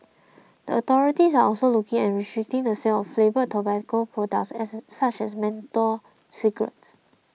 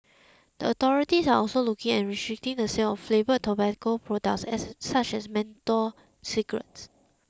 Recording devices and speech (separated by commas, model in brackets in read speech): mobile phone (iPhone 6), close-talking microphone (WH20), read sentence